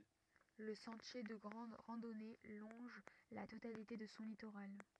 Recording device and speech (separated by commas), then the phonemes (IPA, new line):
rigid in-ear microphone, read sentence
lə sɑ̃tje də ɡʁɑ̃d ʁɑ̃dɔne lɔ̃ʒ la totalite də sɔ̃ litoʁal